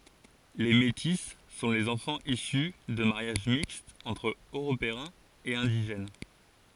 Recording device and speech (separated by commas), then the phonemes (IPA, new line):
forehead accelerometer, read sentence
le meti sɔ̃ lez ɑ̃fɑ̃z isy də maʁjaʒ mikstz ɑ̃tʁ øʁopeɛ̃z e ɛ̃diʒɛn